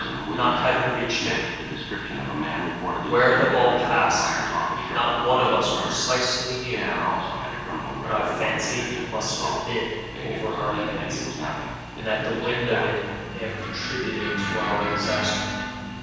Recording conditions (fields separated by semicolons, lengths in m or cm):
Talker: one person; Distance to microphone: 7.1 m; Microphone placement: far; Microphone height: 1.7 m; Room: very reverberant, large; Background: television